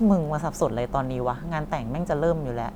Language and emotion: Thai, frustrated